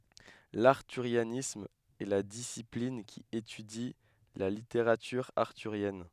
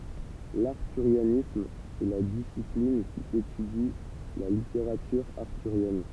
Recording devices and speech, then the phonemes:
headset microphone, temple vibration pickup, read sentence
laʁtyʁjanism ɛ la disiplin ki etydi la liteʁatyʁ aʁtyʁjɛn

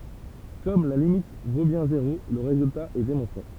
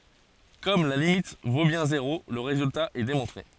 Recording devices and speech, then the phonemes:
temple vibration pickup, forehead accelerometer, read sentence
kɔm la limit vo bjɛ̃ zeʁo lə ʁezylta ɛ demɔ̃tʁe

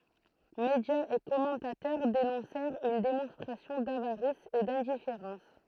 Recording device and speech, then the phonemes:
throat microphone, read sentence
medjaz e kɔmɑ̃tatœʁ denɔ̃sɛʁt yn demɔ̃stʁasjɔ̃ davaʁis e dɛ̃difeʁɑ̃s

